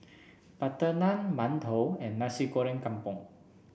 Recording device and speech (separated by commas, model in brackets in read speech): boundary microphone (BM630), read sentence